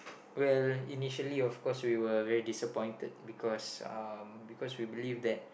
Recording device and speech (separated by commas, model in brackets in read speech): boundary microphone, conversation in the same room